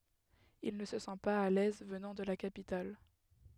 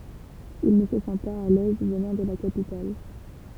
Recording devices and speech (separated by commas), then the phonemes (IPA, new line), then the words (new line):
headset microphone, temple vibration pickup, read sentence
il nə sə sɑ̃ paz a lɛz vənɑ̃ də la kapital
Il ne se sent pas à l'aise, venant de la capitale.